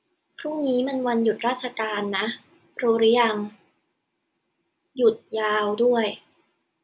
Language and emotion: Thai, neutral